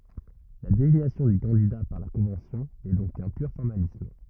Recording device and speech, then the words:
rigid in-ear microphone, read sentence
La désignation du candidat par la Convention n'est donc qu'un pur formalisme.

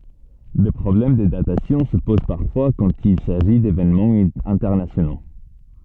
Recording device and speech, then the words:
soft in-ear microphone, read sentence
Des problèmes de datation se posent parfois quand il s'agit d'événements internationaux.

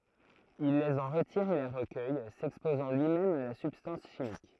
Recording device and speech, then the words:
throat microphone, read sentence
Il les en retire et les recueille, s'exposant lui-même à la substance chimique.

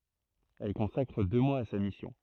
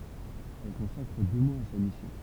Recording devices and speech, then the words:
throat microphone, temple vibration pickup, read sentence
Elle consacre deux mois à sa mission.

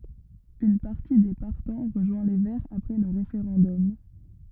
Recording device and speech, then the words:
rigid in-ear microphone, read sentence
Une partie des partants rejoint les Verts après le référendum.

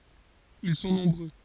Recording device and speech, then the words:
forehead accelerometer, read sentence
Ils sont nombreux.

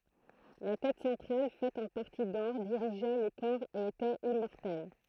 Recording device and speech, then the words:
throat microphone, read sentence
La tête centrale, faite en partie d'or, dirigeait le corps et était immortelle.

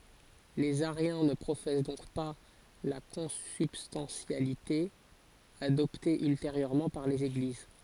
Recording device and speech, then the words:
forehead accelerometer, read sentence
Les ariens ne professent donc pas la consubstantialité, adoptée ultérieurement par les Églises.

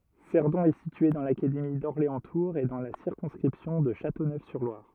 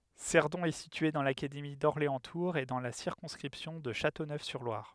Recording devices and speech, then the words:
rigid in-ear microphone, headset microphone, read sentence
Cerdon est située dans l'académie d'Orléans-Tours et dans la circonscription de Châteauneuf-sur-Loire.

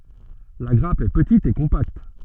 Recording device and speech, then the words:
soft in-ear microphone, read sentence
La grappe est petite et compacte.

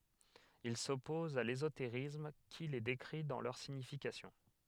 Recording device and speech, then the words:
headset microphone, read sentence
Il s'oppose à l'ésotérisme qui les décrit dans leur signification.

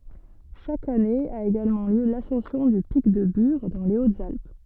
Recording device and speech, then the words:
soft in-ear microphone, read sentence
Chaque année a également lieu l’ascension du pic de Bure dans les Hautes-Alpes.

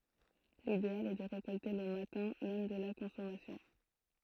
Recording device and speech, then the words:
throat microphone, read sentence
L'idéal est de récolter le matin même de la consommation.

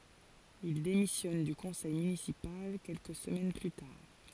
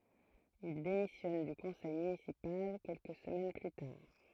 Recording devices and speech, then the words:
forehead accelerometer, throat microphone, read sentence
Il démissionne du conseil municipal quelques semaines plus tard.

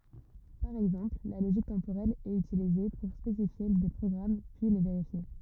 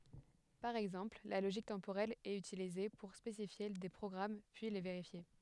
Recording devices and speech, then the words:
rigid in-ear microphone, headset microphone, read sentence
Par exemple, la logique temporelle est utilisée pour spécifier des programmes puis les vérifier.

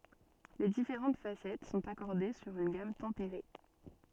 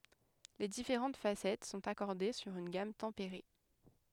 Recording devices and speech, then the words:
soft in-ear microphone, headset microphone, read sentence
Les différentes facettes sont accordées sur une gamme tempérée.

